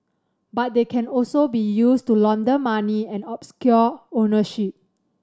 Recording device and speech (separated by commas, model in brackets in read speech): standing microphone (AKG C214), read sentence